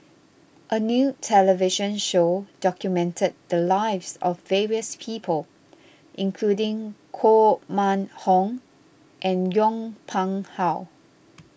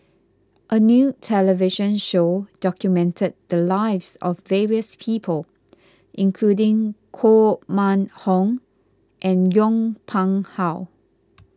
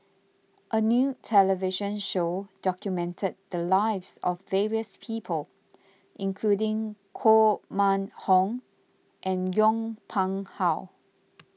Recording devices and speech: boundary microphone (BM630), close-talking microphone (WH20), mobile phone (iPhone 6), read sentence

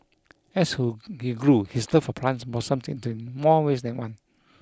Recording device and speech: close-talking microphone (WH20), read sentence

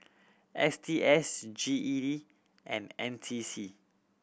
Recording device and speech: boundary microphone (BM630), read sentence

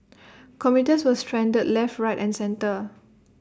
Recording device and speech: standing microphone (AKG C214), read sentence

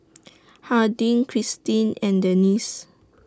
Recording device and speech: standing microphone (AKG C214), read sentence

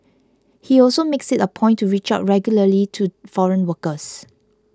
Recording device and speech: close-talking microphone (WH20), read sentence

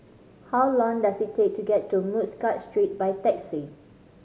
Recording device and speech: mobile phone (Samsung C5010), read sentence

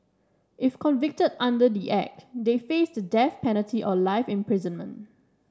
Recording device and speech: standing microphone (AKG C214), read sentence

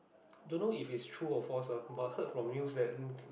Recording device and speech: boundary microphone, conversation in the same room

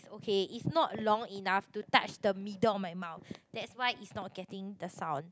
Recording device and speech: close-talking microphone, conversation in the same room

